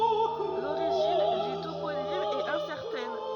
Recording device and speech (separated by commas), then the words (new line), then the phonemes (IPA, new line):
rigid in-ear microphone, read sentence
L'origine du toponyme est incertaine.
loʁiʒin dy toponim ɛt ɛ̃sɛʁtɛn